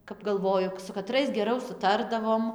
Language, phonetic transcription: Lithuanian, kap galˈvoju su kaˈtrais geˈrau suˈtardavom

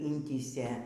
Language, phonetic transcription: Lithuanian, ˈintįsė

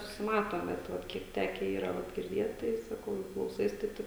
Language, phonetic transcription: Lithuanian, susiˈmatom bet ˈvat ˈkiek ˈteke ˈyra ˈva girˈdėt tai saˈkau jau klauˈsais tai ˈtaip

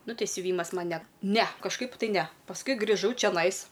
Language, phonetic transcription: Lithuanian, ˈnu ˈtei siuˈvymas ˈman ne ne kažˈkaip tai ˈne pasˈkui griˈžau čeˈnais

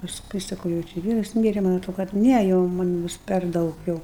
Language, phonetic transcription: Lithuanian, pasˈkui saˈkau jau ˈči i ˈvyras ˈmyre man' aˈtro kad ˈne jau manˈ ˈbus per ˈdaug jau

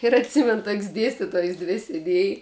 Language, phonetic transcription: Lithuanian, ir atˈsimen tok's' ˈdėstitojs ˈdvi sėˈdėj

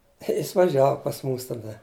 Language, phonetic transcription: Lithuanian, i ˈjis vaˈžiavu pas ˈmūs taˈda

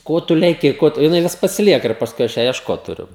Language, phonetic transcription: Lithuanian, ˈko tu leˈki ˈko tu jiˈnai ˈvis pasiˈlieka ir pasˈkui ˈaš ˈją iešˈkot tuˈriu

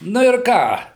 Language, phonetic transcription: Lithuanian, ˈnu ir ˈką

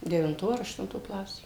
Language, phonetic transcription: Lithuanian, devinˈto ar aštunˈto ˈklasė

